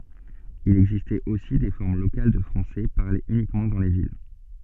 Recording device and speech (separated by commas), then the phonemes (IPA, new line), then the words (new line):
soft in-ear microphone, read sentence
il ɛɡzistɛt osi de fɔʁm lokal də fʁɑ̃sɛ paʁlez ynikmɑ̃ dɑ̃ le vil
Il existait aussi des formes locales de français parlées uniquement dans les villes.